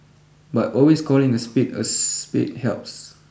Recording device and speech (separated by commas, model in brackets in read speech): boundary microphone (BM630), read sentence